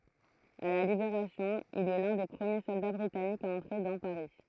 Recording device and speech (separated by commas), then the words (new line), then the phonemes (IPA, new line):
throat microphone, read sentence
À la Libération, il est l'un des premiers soldats britanniques à entrer dans Paris.
a la libeʁasjɔ̃ il ɛ lœ̃ de pʁəmje sɔlda bʁitanikz a ɑ̃tʁe dɑ̃ paʁi